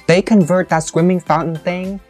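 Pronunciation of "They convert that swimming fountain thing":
The words 'swimming fountain thing' are stressed and not rushed.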